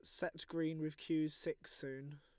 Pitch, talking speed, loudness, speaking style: 155 Hz, 185 wpm, -42 LUFS, Lombard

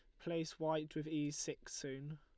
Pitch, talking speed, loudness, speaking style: 155 Hz, 185 wpm, -43 LUFS, Lombard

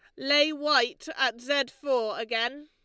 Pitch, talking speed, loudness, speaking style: 275 Hz, 150 wpm, -26 LUFS, Lombard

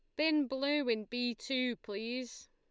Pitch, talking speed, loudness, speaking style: 250 Hz, 155 wpm, -35 LUFS, Lombard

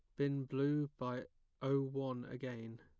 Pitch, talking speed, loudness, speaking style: 135 Hz, 140 wpm, -40 LUFS, plain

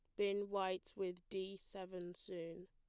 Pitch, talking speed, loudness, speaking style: 190 Hz, 145 wpm, -45 LUFS, plain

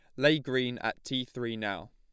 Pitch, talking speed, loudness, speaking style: 125 Hz, 210 wpm, -31 LUFS, plain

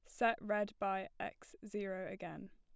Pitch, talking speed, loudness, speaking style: 205 Hz, 155 wpm, -41 LUFS, plain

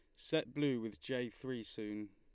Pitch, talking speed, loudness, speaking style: 120 Hz, 185 wpm, -40 LUFS, Lombard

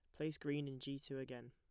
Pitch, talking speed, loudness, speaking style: 135 Hz, 275 wpm, -46 LUFS, plain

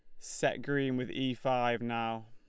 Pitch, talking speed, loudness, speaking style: 125 Hz, 175 wpm, -33 LUFS, Lombard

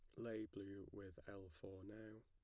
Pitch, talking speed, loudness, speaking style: 100 Hz, 175 wpm, -54 LUFS, plain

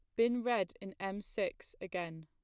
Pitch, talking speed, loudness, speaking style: 195 Hz, 175 wpm, -37 LUFS, plain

